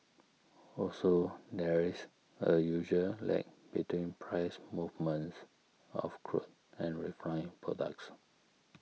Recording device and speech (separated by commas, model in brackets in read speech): mobile phone (iPhone 6), read sentence